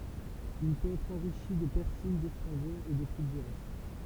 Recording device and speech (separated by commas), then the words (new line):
temple vibration pickup, read sentence
Il peut être enrichi de persil, d'estragon et de clous de girofle.